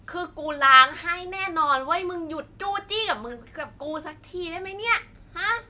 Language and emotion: Thai, frustrated